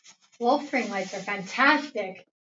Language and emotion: English, happy